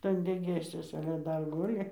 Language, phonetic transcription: Lithuanian, ˈtan degėsiuosa ale ˈdar ˈguli

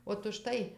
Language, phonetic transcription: Lithuanian, ot užˈtai

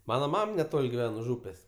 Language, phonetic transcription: Lithuanian, ˈmana ˈmam neˈtol' giˈven už ˈūpės'

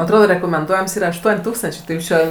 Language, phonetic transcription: Lithuanian, atˈrodo rekomenˈduojams ˈyra ašˈtuon' ˈtūkstančė tai ˈjūs čia

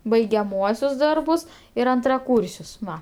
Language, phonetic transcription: Lithuanian, baigiaˈmuosius ˈdarbus ir antraˈkūrsius ˈva

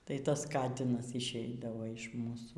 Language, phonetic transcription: Lithuanian, ˈtai ˈtas ˈkatinas išˈeidavo iš ˈmūsų

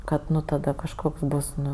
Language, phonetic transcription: Lithuanian, ˈkad ˈnu taˈda kažˈkoks ˈbus ˈnu

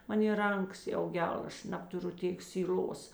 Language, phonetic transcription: Lithuanian, ˈmanė ˈranˌkas jau ˈgel ˈaš ˈnabtuˌru ˈtėk syˈl'os

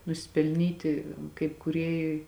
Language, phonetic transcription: Lithuanian, nusipelˈnyti kaip kūˈrėjui

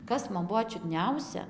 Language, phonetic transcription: Lithuanian, ˈkas man ˈbuo čiudˈniausia

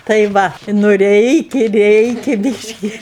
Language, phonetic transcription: Lithuanian, tai ˈva nu ˈreikia ˈreikia ˈbyški

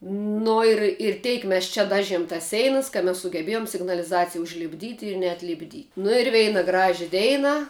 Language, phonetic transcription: Lithuanian, ˈnu ir ir ˈteik ˈmes čia ˈdažiem tas ˈseinas ka mes sugeˈbėjom signaliˈzacija užlipˈdyti ir neatlipˈdy nu ir ˈveina ˈgražia ˈdeina

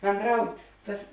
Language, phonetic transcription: Lithuanian, bendraut' ˈtas

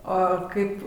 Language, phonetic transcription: Lithuanian, ˈo ˈkaip

